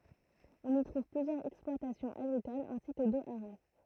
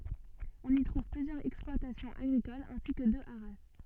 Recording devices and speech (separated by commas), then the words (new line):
throat microphone, soft in-ear microphone, read sentence
On y trouve plusieurs exploitations agricoles ainsi que deux haras.